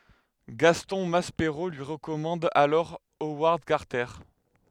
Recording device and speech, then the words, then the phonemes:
headset microphone, read sentence
Gaston Maspero lui recommande alors Howard Carter.
ɡastɔ̃ maspeʁo lyi ʁəkɔmɑ̃d alɔʁ owaʁd kaʁtɛʁ

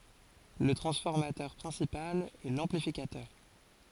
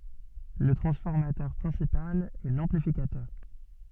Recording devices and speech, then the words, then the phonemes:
forehead accelerometer, soft in-ear microphone, read sentence
Le transformateur principal est l'amplificateur.
lə tʁɑ̃sfɔʁmatœʁ pʁɛ̃sipal ɛ lɑ̃plifikatœʁ

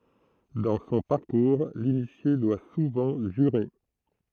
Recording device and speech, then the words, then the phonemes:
throat microphone, read sentence
Dans son parcours, l'initié doit souvent jurer.
dɑ̃ sɔ̃ paʁkuʁ linisje dwa suvɑ̃ ʒyʁe

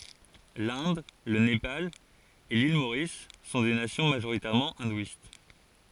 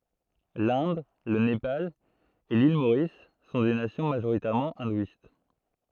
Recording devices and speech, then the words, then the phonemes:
forehead accelerometer, throat microphone, read sentence
L'Inde, le Népal et l'île Maurice sont des nations majoritairement hindouistes.
lɛ̃d lə nepal e lil moʁis sɔ̃ de nasjɔ̃ maʒoʁitɛʁmɑ̃ ɛ̃dwist

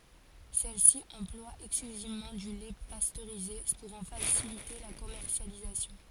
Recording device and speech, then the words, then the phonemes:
forehead accelerometer, read sentence
Celle-ci emploie exclusivement du lait pasteurisé pour en faciliter la commercialisation.
sɛlsi ɑ̃plwa ɛksklyzivmɑ̃ dy lɛ pastøʁize puʁ ɑ̃ fasilite la kɔmɛʁsjalizasjɔ̃

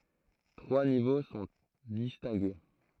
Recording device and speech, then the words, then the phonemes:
throat microphone, read sentence
Trois niveaux sont distingués.
tʁwa nivo sɔ̃ distɛ̃ɡe

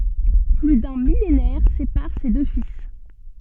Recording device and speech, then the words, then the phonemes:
soft in-ear microphone, read sentence
Plus d’un millénaire sépare ces deux fils.
ply dœ̃ milenɛʁ sepaʁ se dø fil

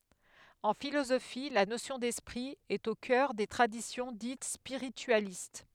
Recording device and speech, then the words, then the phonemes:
headset microphone, read sentence
En philosophie, la notion d'esprit est au cœur des traditions dites spiritualistes.
ɑ̃ filozofi la nosjɔ̃ dɛspʁi ɛt o kœʁ de tʁadisjɔ̃ dit spiʁityalist

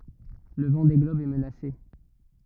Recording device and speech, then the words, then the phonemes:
rigid in-ear microphone, read sentence
Le Vendée globe est menacé.
lə vɑ̃de ɡlɔb ɛ mənase

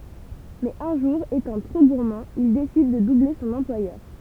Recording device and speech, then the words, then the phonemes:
temple vibration pickup, read sentence
Mais un jour, étant trop gourmand, il décide de doubler son employeur.
mɛz œ̃ ʒuʁ etɑ̃ tʁo ɡuʁmɑ̃ il desid də duble sɔ̃n ɑ̃plwajœʁ

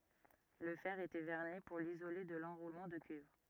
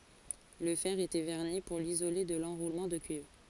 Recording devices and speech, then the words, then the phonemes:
rigid in-ear microphone, forehead accelerometer, read sentence
Le fer était vernis pour l'isoler de l'enroulement de cuivre.
lə fɛʁ etɛ vɛʁni puʁ lizole də lɑ̃ʁulmɑ̃ də kyivʁ

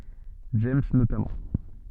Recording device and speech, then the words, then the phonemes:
soft in-ear microphone, read sentence
James notamment.
dʒɛmz notamɑ̃

